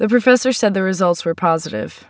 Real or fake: real